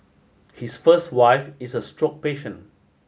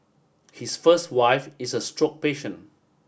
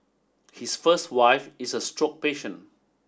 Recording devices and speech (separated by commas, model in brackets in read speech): mobile phone (Samsung S8), boundary microphone (BM630), standing microphone (AKG C214), read sentence